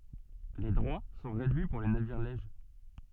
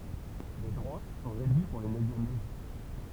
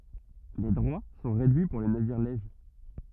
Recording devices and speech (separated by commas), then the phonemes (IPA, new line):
soft in-ear microphone, temple vibration pickup, rigid in-ear microphone, read sentence
le dʁwa sɔ̃ ʁedyi puʁ le naviʁ lɛʒ